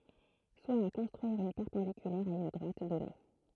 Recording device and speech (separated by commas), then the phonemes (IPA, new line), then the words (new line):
throat microphone, read sentence
swa a kɔ̃stʁyiʁ yn pɛʁpɑ̃dikylɛʁ a yn dʁwat dɔne
Soit à construire une perpendiculaire à une droite donnée.